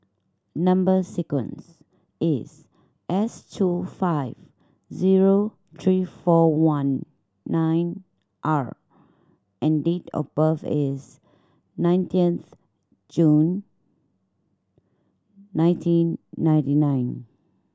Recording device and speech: standing microphone (AKG C214), read sentence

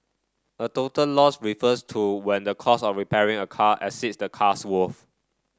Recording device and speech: standing microphone (AKG C214), read sentence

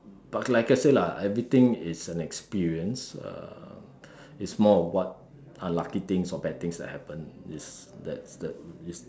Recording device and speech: standing microphone, conversation in separate rooms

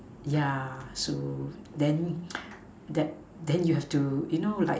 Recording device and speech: standing microphone, conversation in separate rooms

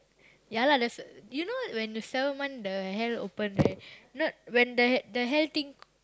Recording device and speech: close-talking microphone, conversation in the same room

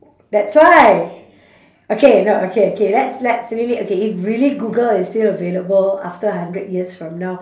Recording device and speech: standing microphone, conversation in separate rooms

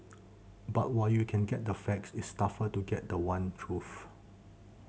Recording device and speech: mobile phone (Samsung C7100), read sentence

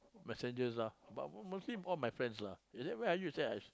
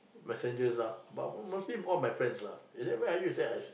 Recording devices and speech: close-talking microphone, boundary microphone, conversation in the same room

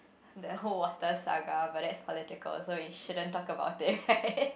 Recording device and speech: boundary microphone, conversation in the same room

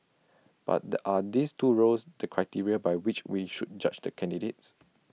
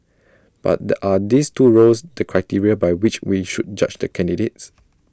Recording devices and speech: mobile phone (iPhone 6), standing microphone (AKG C214), read sentence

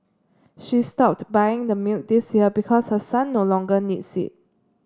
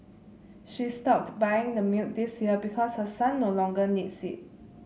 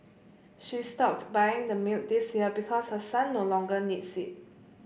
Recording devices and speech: standing microphone (AKG C214), mobile phone (Samsung C7), boundary microphone (BM630), read sentence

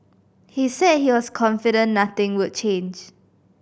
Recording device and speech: boundary microphone (BM630), read sentence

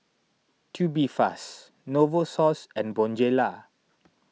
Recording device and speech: mobile phone (iPhone 6), read sentence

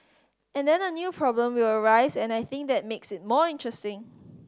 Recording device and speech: standing microphone (AKG C214), read sentence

